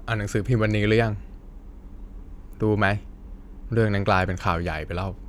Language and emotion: Thai, neutral